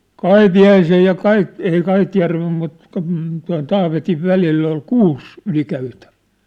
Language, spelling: Finnish, Kaipiaisen ja - ei Kaitjärven mutta kun tuon Taavetin välillä oli kuusi ylikäytävää
- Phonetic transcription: Kaipi₍aisej ja "Kait- , ei 'Kaitjärvem mut , k(om̥̂) tuaṋ "Taavetiv "välill ‿ol "kuus , 'ylikäytävᴀ̈ᴀ̈ .

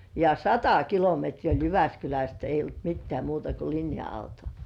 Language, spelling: Finnish, ja sata kilometriä oli Jyväskylästä ei ollut mitään muuta kuin linja-auto
- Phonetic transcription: ja "sata 'kilometrii oĺ "Jyväskyläst eij̆j ‿olt "mittĕä̀§ 'muuta ko 'linja₍auto .

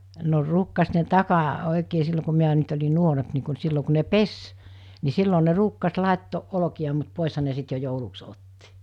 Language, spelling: Finnish, no ruukasi ne - oikein silloin kun minä nyt olin nuorempi niin kuin - silloin kun ne pesi niin silloin ne ruukasi laittaa olkia mutta poishan ne sitten jo jouluksi otti
- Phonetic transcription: no 'ruukkas ne 'taka- , 'òikee sillo ku miä nyt oĺi 'nuoremp ni ku n- 'sillo ku ne "pes , ni 'sillo ne 'ruukkas 'làettooˀ 'ˀoloki₍a mut 'pòesha ne sit jo 'jouluks 'otti .

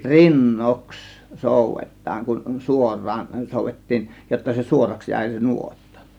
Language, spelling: Finnish, rinnoiksi soudetaan kun suoraan soudettiin jotta se suoraksi jäi se nuotta
- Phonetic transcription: rin"noks "sòuvet̆taaŋ kun , "suor̆raan 'sòuvettiin , jotta se "suoraks 'jä̀ė se "nuotta .

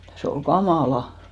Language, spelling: Finnish, se oli kamalaa
- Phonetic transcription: se ol 'ka"màla .

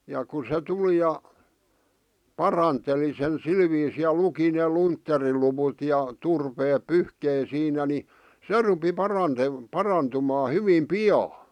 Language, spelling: Finnish, ja kun se tuli ja paranteli sen sillä viisiin ja luki ne luntteriluvut ja turpeet pyyhki siinä niin se rupesi - parantumaan hyvin pian
- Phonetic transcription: ja ku se 'tuli ja , 'paranteli sen 'sil viisii ja 'luki nè "luntteriluwut ja , 'turpeep "pyhkei siinä ni , "se rupi 'parante- , 'parantumaa hyvim "pi₍aa .

